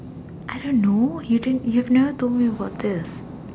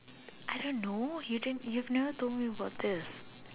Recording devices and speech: standing microphone, telephone, conversation in separate rooms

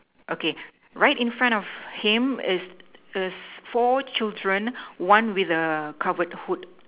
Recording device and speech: telephone, conversation in separate rooms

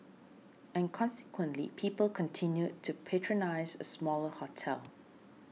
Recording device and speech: mobile phone (iPhone 6), read sentence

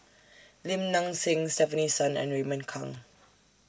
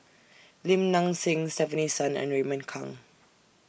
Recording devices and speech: standing microphone (AKG C214), boundary microphone (BM630), read sentence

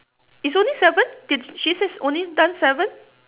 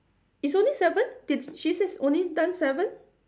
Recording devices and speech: telephone, standing microphone, conversation in separate rooms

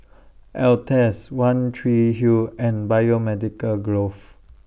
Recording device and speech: boundary microphone (BM630), read sentence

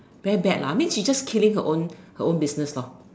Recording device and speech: standing microphone, conversation in separate rooms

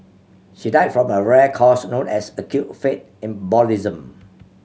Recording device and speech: mobile phone (Samsung C7100), read sentence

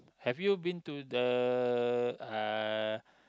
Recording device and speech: close-talking microphone, conversation in the same room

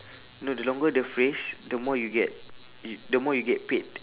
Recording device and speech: telephone, conversation in separate rooms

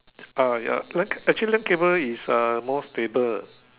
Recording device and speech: telephone, conversation in separate rooms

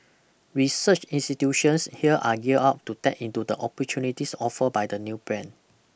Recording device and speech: boundary microphone (BM630), read sentence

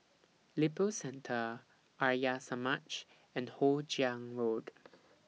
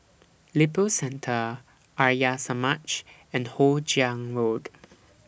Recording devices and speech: mobile phone (iPhone 6), boundary microphone (BM630), read sentence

